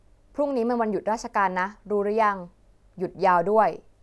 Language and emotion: Thai, neutral